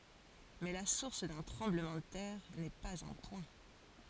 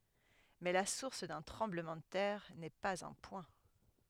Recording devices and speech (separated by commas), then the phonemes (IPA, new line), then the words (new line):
forehead accelerometer, headset microphone, read sentence
mɛ la suʁs dœ̃ tʁɑ̃bləmɑ̃ də tɛʁ nɛ paz œ̃ pwɛ̃
Mais la source d'un tremblement de terre n'est pas un point.